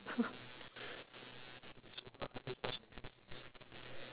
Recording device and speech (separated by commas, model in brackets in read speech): telephone, conversation in separate rooms